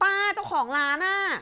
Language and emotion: Thai, frustrated